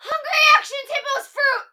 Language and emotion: English, fearful